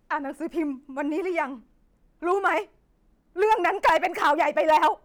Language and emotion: Thai, sad